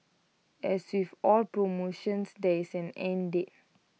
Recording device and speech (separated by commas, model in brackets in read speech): mobile phone (iPhone 6), read sentence